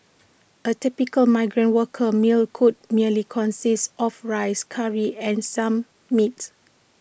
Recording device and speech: boundary microphone (BM630), read sentence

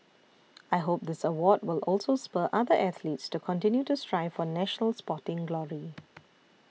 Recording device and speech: mobile phone (iPhone 6), read sentence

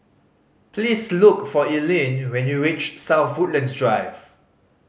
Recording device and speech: mobile phone (Samsung C5010), read sentence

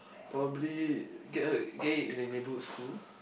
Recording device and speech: boundary microphone, conversation in the same room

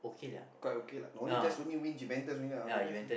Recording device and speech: boundary microphone, conversation in the same room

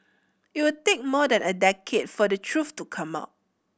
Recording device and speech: boundary microphone (BM630), read sentence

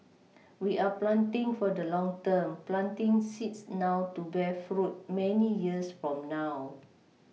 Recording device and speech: mobile phone (iPhone 6), read sentence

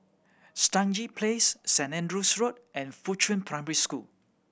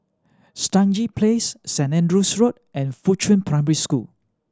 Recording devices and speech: boundary microphone (BM630), standing microphone (AKG C214), read sentence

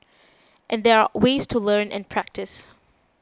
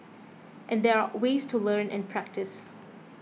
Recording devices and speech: close-talking microphone (WH20), mobile phone (iPhone 6), read sentence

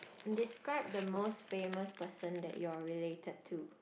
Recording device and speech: boundary microphone, conversation in the same room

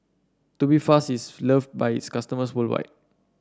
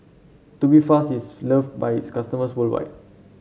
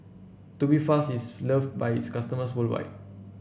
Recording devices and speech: standing microphone (AKG C214), mobile phone (Samsung C7), boundary microphone (BM630), read sentence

